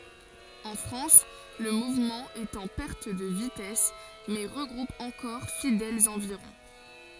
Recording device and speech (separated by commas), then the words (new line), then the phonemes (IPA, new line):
forehead accelerometer, read sentence
En France, le mouvement est en perte de vitesse mais regroupe encore fidèles environ.
ɑ̃ fʁɑ̃s lə muvmɑ̃ ɛt ɑ̃ pɛʁt də vitɛs mɛ ʁəɡʁup ɑ̃kɔʁ fidɛlz ɑ̃viʁɔ̃